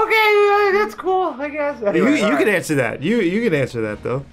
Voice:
high-pitched